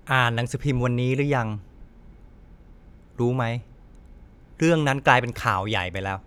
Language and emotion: Thai, frustrated